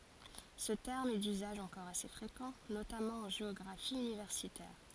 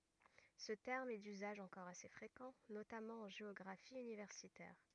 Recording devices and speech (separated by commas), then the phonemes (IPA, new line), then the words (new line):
forehead accelerometer, rigid in-ear microphone, read sentence
sə tɛʁm ɛ dyzaʒ ɑ̃kɔʁ ase fʁekɑ̃ notamɑ̃ ɑ̃ ʒeɔɡʁafi ynivɛʁsitɛʁ
Ce terme est d'usage encore assez fréquent, notamment en géographie universitaire.